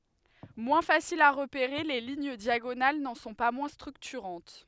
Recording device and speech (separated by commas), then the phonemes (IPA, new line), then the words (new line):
headset microphone, read sentence
mwɛ̃ fasilz a ʁəpeʁe le liɲ djaɡonal nɑ̃ sɔ̃ pa mwɛ̃ stʁyktyʁɑ̃t
Moins faciles à repérer, les lignes diagonales n’en sont pas moins structurantes.